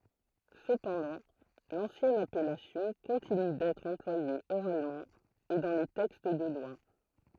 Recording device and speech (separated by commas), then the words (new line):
throat microphone, read sentence
Cependant, l'ancienne appellation continue d'être employée oralement et dans les textes de loi.